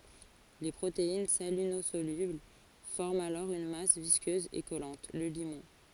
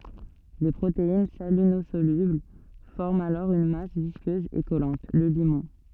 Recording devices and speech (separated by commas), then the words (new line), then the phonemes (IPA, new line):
forehead accelerometer, soft in-ear microphone, read sentence
Les protéines salinosolubles forment alors une masse visqueuse et collante, le limon.
le pʁotein salinozolybl fɔʁmt alɔʁ yn mas viskøz e kɔlɑ̃t lə limɔ̃